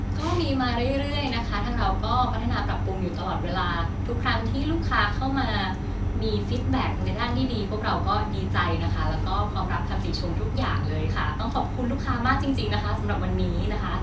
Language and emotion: Thai, happy